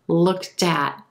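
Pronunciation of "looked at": In 'looked at', the t sound at the end of 'looked' links over and is heard at the start of 'at'.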